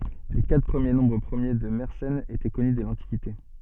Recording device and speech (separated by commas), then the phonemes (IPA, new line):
soft in-ear microphone, read sentence
le katʁ pʁəmje nɔ̃bʁ pʁəmje də mɛʁsɛn etɛ kɔny dɛ lɑ̃tikite